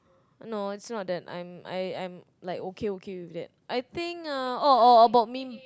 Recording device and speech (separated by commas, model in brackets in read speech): close-talking microphone, conversation in the same room